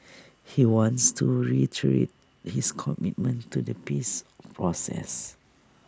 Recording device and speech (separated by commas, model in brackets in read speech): standing microphone (AKG C214), read sentence